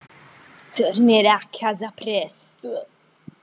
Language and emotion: Italian, disgusted